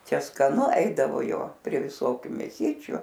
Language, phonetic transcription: Lithuanian, ˈčia skaˈnu ˈeidavo ˈjo prie viˈsokiu mėˈsyčiu

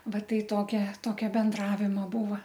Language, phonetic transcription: Lithuanian, ˈva ˈtai ˈtokia ˈtokia benˈdravimo ˈbūva

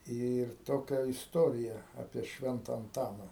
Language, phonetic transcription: Lithuanian, ir ˈtokia isˈtorija ˈapie ˈšventa anˈtana

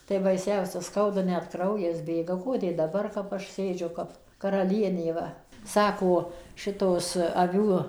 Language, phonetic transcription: Lithuanian, tai baiˈsiausia ˈskauda net ˈkraujas ˈbėga ˈkodė daˈbar ˈaš ˈsėdžiu ˈkap karaˈlienė ˈva ˈsako ˈšitos aˈvių

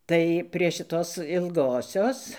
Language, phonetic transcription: Lithuanian, ˈtai prie šiˈtos ilˈgosios

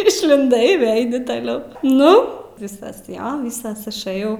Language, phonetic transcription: Lithuanian, išlinˈdai i ˈvėi ˈaini taˈliau ˈnu ˈvisas jo ˈvisas išˈɘjau

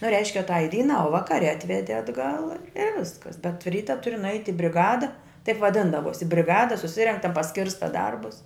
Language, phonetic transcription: Lithuanian, nu ˈreiškia tai ˈdynā u ˈvakare ˈatvedi atˈgal i ˈviskas bet ˈryta ˈturi nuˈaiti briˈgada taip vaˈdindavosi briˈgada suˈsirenk ta paˈskirsta ˈdarbus

